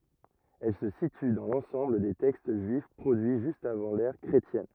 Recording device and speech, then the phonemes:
rigid in-ear microphone, read sentence
ɛl sə sity dɑ̃ lɑ̃sɑ̃bl de tɛkst ʒyif pʁodyi ʒyst avɑ̃ lɛʁ kʁetjɛn

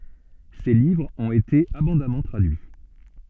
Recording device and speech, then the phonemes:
soft in-ear microphone, read sentence
se livʁz ɔ̃t ete abɔ̃damɑ̃ tʁadyi

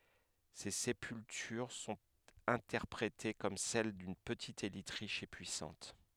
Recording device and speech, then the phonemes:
headset microphone, read sentence
se sepyltyʁ sɔ̃t ɛ̃tɛʁpʁete kɔm sɛl dyn pətit elit ʁiʃ e pyisɑ̃t

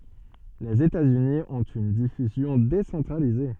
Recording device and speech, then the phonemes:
soft in-ear microphone, read sentence
lez etatsyni ɔ̃t yn difyzjɔ̃ desɑ̃tʁalize

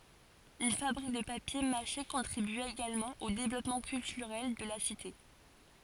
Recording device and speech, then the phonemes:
forehead accelerometer, read sentence
yn fabʁik də papje maʃe kɔ̃tʁibya eɡalmɑ̃ o devlɔpmɑ̃ kyltyʁɛl də la site

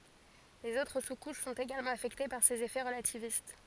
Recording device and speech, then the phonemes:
forehead accelerometer, read sentence
lez otʁ su kuʃ sɔ̃t eɡalmɑ̃ afɛkte paʁ sez efɛ ʁəlativist

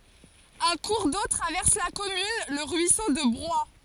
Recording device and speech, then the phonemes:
forehead accelerometer, read sentence
œ̃ kuʁ do tʁavɛʁs la kɔmyn lə ʁyiso də bʁwaj

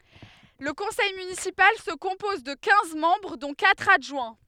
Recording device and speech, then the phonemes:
headset microphone, read sentence
lə kɔ̃sɛj mynisipal sə kɔ̃pɔz də kɛ̃z mɑ̃bʁ dɔ̃ katʁ adʒwɛ̃

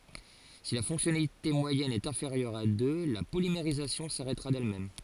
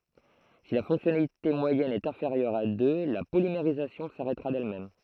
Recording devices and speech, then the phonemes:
forehead accelerometer, throat microphone, read sentence
si la fɔ̃ksjɔnalite mwajɛn ɛt ɛ̃feʁjœʁ a dø la polimeʁizasjɔ̃ saʁɛtʁa dɛlmɛm

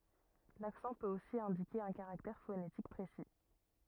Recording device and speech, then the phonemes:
rigid in-ear microphone, read sentence
laksɑ̃ pøt osi ɛ̃dike œ̃ kaʁaktɛʁ fonetik pʁesi

